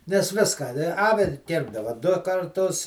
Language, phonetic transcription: Lithuanian, nes ˈviską a ˈne ˈavi ˈkirpdava du karˈtus

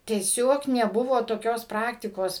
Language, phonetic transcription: Lithuanian, tieˈsiog neˈbuvo toˈkios ˈpraktikos

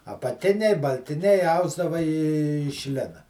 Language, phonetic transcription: Lithuanian, apaˈtiniai baltiˈniai ˈausdava iš ˈlina

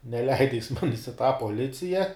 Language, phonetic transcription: Lithuanian, neˈleida jis ˈmanis i tą poˈlicija

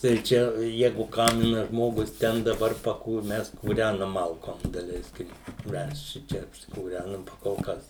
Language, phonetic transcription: Lithuanian, tai ˈčia ˈjegu ˈkaminaˈžmogus ˈten daˈbar paˈkūr ˈmes kūˈrænam ˈmalkom daˈleiskim ˈmes ˈšičia apsikūˈrænam pa kol ˈkas

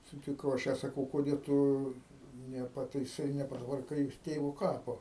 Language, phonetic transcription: Lithuanian, sutiˈkau aš ˈją saˈkau koˈdė tu nepataiˈsai nepatvarˈkai jos ˈtėvo ˈkapo

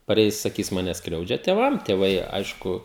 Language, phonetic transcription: Lithuanian, paˈreis saˈkys ˈmane ˈskriaudžia tėˈvam tėˈvai ˈaišku

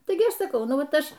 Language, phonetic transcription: Lithuanian, ˈtaigi ˈaš saˈkau ˈnu ˈvat ˈaš

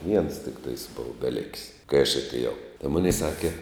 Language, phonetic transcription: Lithuanian, viens tikˈtais ˈbova beˈlik's' kai aš atėˈjau tai ˈmunei ˈsake

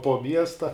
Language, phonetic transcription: Lithuanian, po ˈmiesta

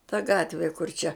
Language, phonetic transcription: Lithuanian, ta ˈgatvi kur čia

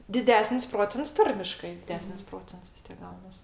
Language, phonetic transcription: Lithuanian, diˈdesnis ˈprocents ˈtarmiškai diˈdesnis ˈprocents vis ˈtiek ˈgaunas

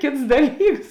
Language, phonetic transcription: Lithuanian, ˈkėts ˈdaˌlyks

